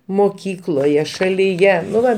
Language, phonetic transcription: Lithuanian, moˈkykloje šalyˈje nu ˈva

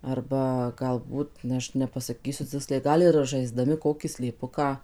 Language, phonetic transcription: Lithuanian, ˈarba galˈbūt ˈaš nepasaˈkysiu ˈciksliai ˈgal ir žaiˈsdami ˈkokį slėˈpuką

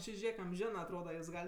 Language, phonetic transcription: Lithuanian, ˈči ˈžėk amˈženɜ atˈroda juos ˈgal'

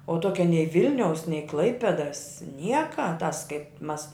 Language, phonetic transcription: Lithuanian, o ˈtuokia nei ˈvilniaus nei ˈklaipedas ˈnieka tas kaip mas

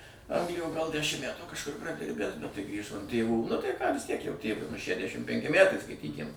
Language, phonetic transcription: Lithuanian, ˈanglijo gal ˈdæšim ˈmætų kažˈkur praˈdirbęs bet tai ˈgrįžo an ˈtėvų nu tai ką vis tiek jau ˈtėvui nu šæˈdæšim ˈpenki ˈmætai skaitˈykim

